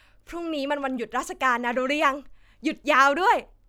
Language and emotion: Thai, happy